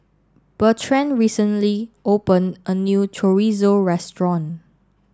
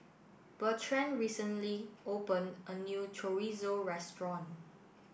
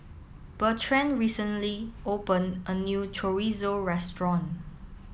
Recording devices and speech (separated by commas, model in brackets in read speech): standing microphone (AKG C214), boundary microphone (BM630), mobile phone (iPhone 7), read sentence